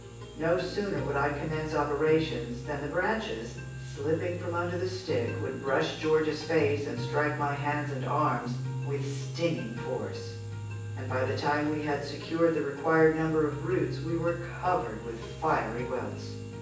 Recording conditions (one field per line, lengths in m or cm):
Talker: one person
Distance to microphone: 9.8 m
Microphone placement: far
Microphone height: 1.8 m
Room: large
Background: music